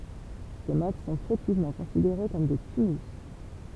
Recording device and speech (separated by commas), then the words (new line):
temple vibration pickup, read sentence
Ces mottes sont fautivement considérées comme des tumulus.